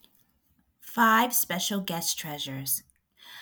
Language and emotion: English, happy